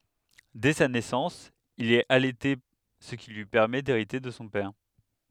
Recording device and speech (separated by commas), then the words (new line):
headset microphone, read sentence
Dès sa naissance, il est allaité ce qui lui permet d'hériter de son père.